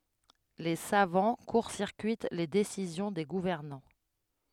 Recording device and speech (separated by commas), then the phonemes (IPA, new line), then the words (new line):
headset microphone, read sentence
le savɑ̃ kuʁ siʁkyit le desizjɔ̃ de ɡuvɛʁnɑ̃
Les savants court-circuitent les décisions des gouvernants.